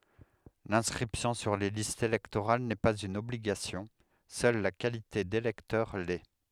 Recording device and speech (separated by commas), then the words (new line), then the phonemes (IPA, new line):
headset microphone, read sentence
L'inscription sur les listes électorales n'est pas une obligation, seule la qualité d'électeur l'est.
lɛ̃skʁipsjɔ̃ syʁ le listz elɛktoʁal nɛ paz yn ɔbliɡasjɔ̃ sœl la kalite delɛktœʁ lɛ